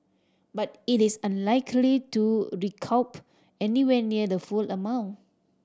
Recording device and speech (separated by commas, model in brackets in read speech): standing microphone (AKG C214), read sentence